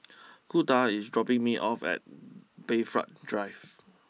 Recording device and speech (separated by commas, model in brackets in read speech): mobile phone (iPhone 6), read sentence